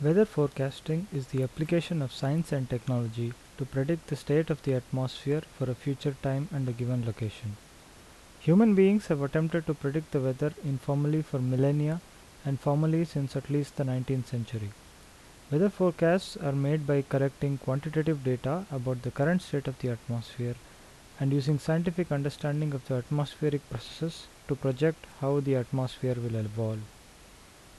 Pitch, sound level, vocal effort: 140 Hz, 78 dB SPL, normal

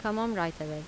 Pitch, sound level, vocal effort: 170 Hz, 84 dB SPL, normal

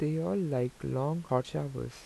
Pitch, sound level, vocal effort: 130 Hz, 82 dB SPL, soft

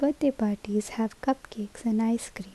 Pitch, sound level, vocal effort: 225 Hz, 71 dB SPL, soft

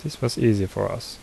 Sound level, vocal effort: 73 dB SPL, soft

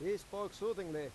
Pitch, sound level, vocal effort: 200 Hz, 96 dB SPL, very loud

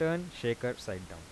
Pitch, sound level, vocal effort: 120 Hz, 86 dB SPL, soft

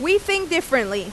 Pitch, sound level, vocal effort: 335 Hz, 92 dB SPL, very loud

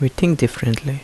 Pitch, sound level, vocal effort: 135 Hz, 72 dB SPL, soft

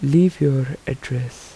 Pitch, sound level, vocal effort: 135 Hz, 78 dB SPL, soft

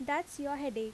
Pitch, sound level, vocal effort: 285 Hz, 84 dB SPL, normal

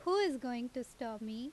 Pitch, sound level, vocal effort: 250 Hz, 86 dB SPL, loud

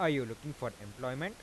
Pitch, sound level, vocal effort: 130 Hz, 91 dB SPL, normal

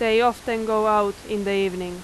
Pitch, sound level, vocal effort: 215 Hz, 92 dB SPL, very loud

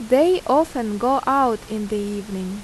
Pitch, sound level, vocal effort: 235 Hz, 84 dB SPL, loud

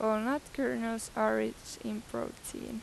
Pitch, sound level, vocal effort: 220 Hz, 86 dB SPL, normal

